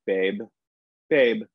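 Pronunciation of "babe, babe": In 'babe', the final b is fully released.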